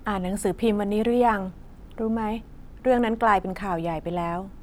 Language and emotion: Thai, neutral